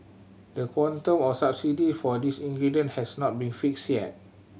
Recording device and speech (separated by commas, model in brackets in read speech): mobile phone (Samsung C7100), read sentence